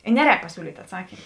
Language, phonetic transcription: Lithuanian, i ˈneˌrēk paˈsiūlyt' atˈsakym

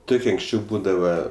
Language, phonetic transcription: Lithuanian, ˈtukie anksˈčiau ˈbūdava

